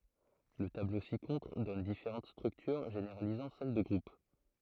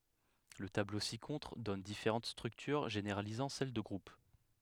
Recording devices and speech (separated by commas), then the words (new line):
throat microphone, headset microphone, read sentence
Le tableau ci-contre donne différentes structures généralisant celle de groupe.